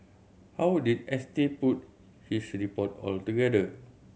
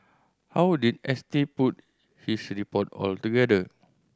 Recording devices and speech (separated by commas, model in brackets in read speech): mobile phone (Samsung C7100), standing microphone (AKG C214), read sentence